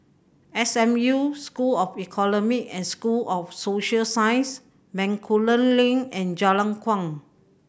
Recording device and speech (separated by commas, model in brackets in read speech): boundary microphone (BM630), read sentence